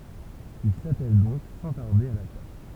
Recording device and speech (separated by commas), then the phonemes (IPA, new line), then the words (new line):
temple vibration pickup, read sentence
il satɛl dɔ̃k sɑ̃ taʁde a la taʃ
Il s’attèle donc sans tarder à la tâche.